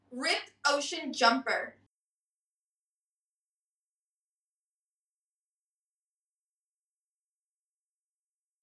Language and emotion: English, angry